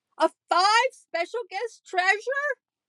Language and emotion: English, happy